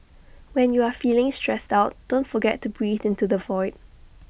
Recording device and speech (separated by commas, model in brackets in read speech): boundary microphone (BM630), read sentence